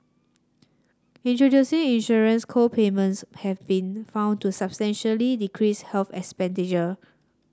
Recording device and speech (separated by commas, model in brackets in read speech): standing microphone (AKG C214), read sentence